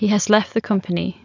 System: none